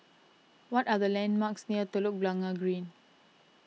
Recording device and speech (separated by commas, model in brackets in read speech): mobile phone (iPhone 6), read sentence